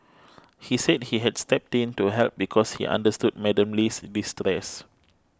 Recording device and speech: close-talking microphone (WH20), read sentence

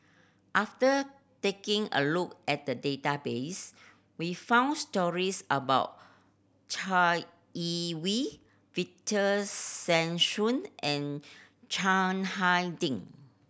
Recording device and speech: boundary microphone (BM630), read sentence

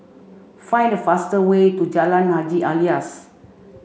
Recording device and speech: mobile phone (Samsung C5), read sentence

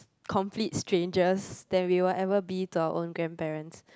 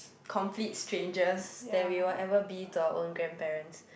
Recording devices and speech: close-talking microphone, boundary microphone, conversation in the same room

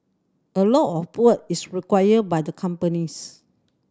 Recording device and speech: standing microphone (AKG C214), read sentence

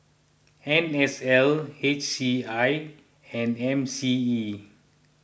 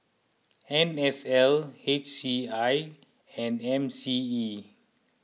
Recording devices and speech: boundary microphone (BM630), mobile phone (iPhone 6), read sentence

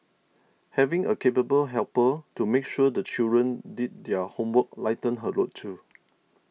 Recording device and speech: mobile phone (iPhone 6), read sentence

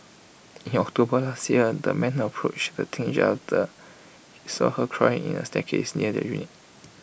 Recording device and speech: boundary microphone (BM630), read sentence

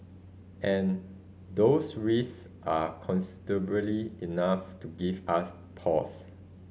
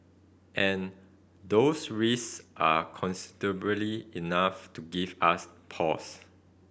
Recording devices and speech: mobile phone (Samsung C5010), boundary microphone (BM630), read sentence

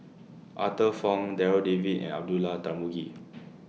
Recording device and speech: mobile phone (iPhone 6), read sentence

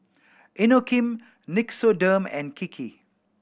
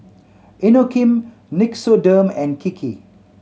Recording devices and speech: boundary microphone (BM630), mobile phone (Samsung C7100), read sentence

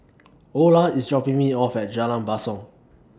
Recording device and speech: standing microphone (AKG C214), read sentence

